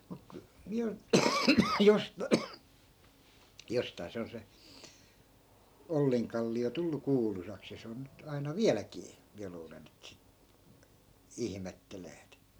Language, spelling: Finnish, mutta kun minä - jostakin se on se Ollinkallio tullut kuuluisaksi ja se on nyt aina vieläkin minä luulen että sitten ihmettelevät
- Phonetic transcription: muk ku , miä 'jos- , 'jostai̮ se on se , 'olliŋkalli₍o 'tullu "kuulusaks ja 'se on nyt 'aina "viäläkii , 'miä luulen ‿et sit 'ihmetteleet .

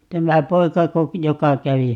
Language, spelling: Finnish, tämä poikako joka kävi
- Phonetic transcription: 'tämä "poikako , 'joka 'kävi ?

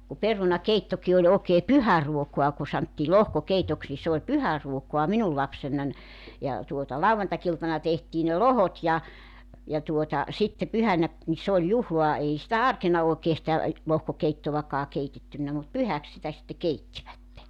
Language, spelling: Finnish, kun perunakeittokin oli oikein pyhäruokaa kun sanottiin lohkokeitoksi niin se oli pyhäruokaa minun lapsenani ja tuota lauantai-iltana tehtiin ne lohkot ja ja tuota sitten pyhänä niin se oli juhlaa ei sitä arkena oikein sitä lohkokeittoakaan keitetty mutta pyhäksi sitä sitten keittivät
- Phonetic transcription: ku 'peruna"keittoki oĺ ookee "pyhäruokua ku 'santtii "lohkokeitoks ni s ‿ooĺ "pyhäruokoa 'minul 'lapsennan , ja , tuota , "lauvantakiltana tehtii ne "lohot ja , ja tuota , 'sitte 'pyhänä , ni se oĺ 'juhloa 'ei sitä "arkena òekee sⁱtä , 'lohkokeittovakaa 'keitettynnä mut "pyhäk sitä sitte 'keittivätte .

